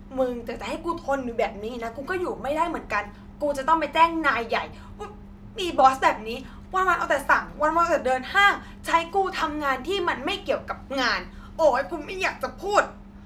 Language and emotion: Thai, angry